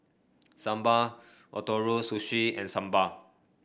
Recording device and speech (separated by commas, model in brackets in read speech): boundary microphone (BM630), read sentence